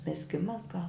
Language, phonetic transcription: Lithuanian, mizˈgimas gal

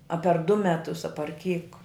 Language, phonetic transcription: Lithuanian, a per du ˈmetus a par kyk

